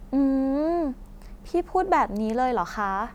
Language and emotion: Thai, frustrated